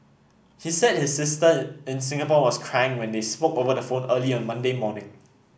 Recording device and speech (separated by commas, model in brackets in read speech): boundary microphone (BM630), read sentence